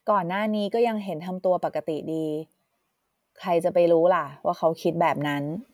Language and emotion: Thai, neutral